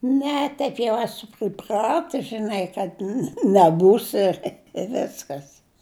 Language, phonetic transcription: Lithuanian, ˈne ˈteip jau ˈesu priˈpratus žiˈnai kad ne neˈbūsi i ˈveskas

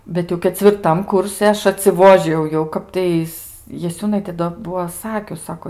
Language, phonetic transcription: Lithuanian, ˈbet jau kecvirˈtam ˈkursi ˈaš atsiˈvožijau jau ˈkaptais jaˈsiūnaitė do ˈbuo ˈsakius ˈsako

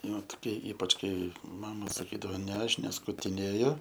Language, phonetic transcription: Lithuanian, ˈnu toˈkie ˈypač ˈkai ˈmama saˈkydavo ne ˈaš neskutiˈnėju

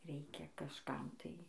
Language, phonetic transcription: Lithuanian, ˈreikia kažˈkam tai

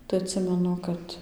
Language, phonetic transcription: Lithuanian, tai atˈsimenu ˈkad

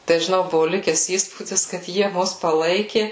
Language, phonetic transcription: Lithuanian, tai žiˈnau ˈbuvu ˈlikes ˈįspūdis kad ˈjie ˈmus paˈlaiki

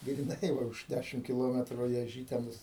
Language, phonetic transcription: Lithuanian, griˈnai ˈva už ˈdæšim kiˈlometru i aˈžytenus

